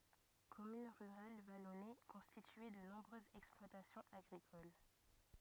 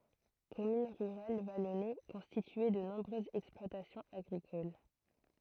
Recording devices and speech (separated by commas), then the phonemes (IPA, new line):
rigid in-ear microphone, throat microphone, read sentence
kɔmyn ʁyʁal valɔne kɔ̃stitye də nɔ̃bʁøzz ɛksplwatasjɔ̃z aɡʁikol